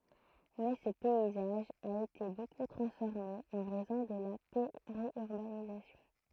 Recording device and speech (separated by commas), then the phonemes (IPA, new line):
throat microphone, read sentence
mɛ sə pɛizaʒ a ete boku tʁɑ̃sfɔʁme ɑ̃ ʁɛzɔ̃ də la peʁjyʁbanizasjɔ̃